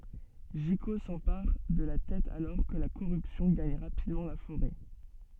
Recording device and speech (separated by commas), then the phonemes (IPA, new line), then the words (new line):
soft in-ear microphone, read sentence
ʒiko sɑ̃paʁ də la tɛt alɔʁ kə la koʁypsjɔ̃ ɡaɲ ʁapidmɑ̃ la foʁɛ
Jiko s'empare de la tête alors que la corruption gagne rapidement la forêt.